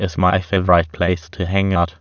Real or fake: fake